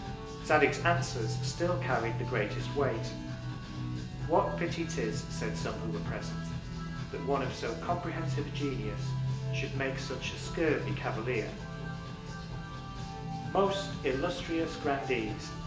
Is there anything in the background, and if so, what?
Music.